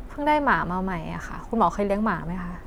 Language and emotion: Thai, frustrated